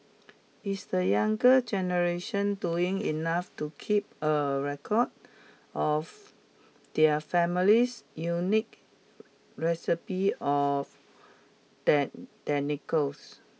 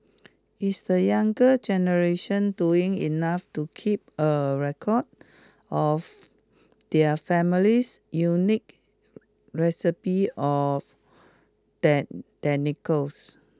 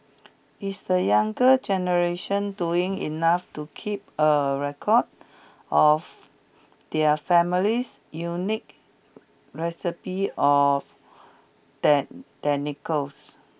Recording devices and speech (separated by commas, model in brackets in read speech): mobile phone (iPhone 6), close-talking microphone (WH20), boundary microphone (BM630), read sentence